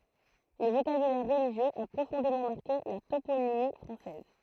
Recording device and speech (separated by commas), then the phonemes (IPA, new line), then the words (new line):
throat microphone, read sentence
lə vokabylɛʁ ʁəliʒjøz a pʁofɔ̃demɑ̃ maʁke la toponimi fʁɑ̃sɛz
Le vocabulaire religieux a profondément marqué la toponymie française.